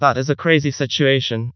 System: TTS, vocoder